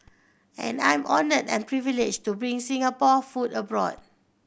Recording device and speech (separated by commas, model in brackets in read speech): boundary microphone (BM630), read sentence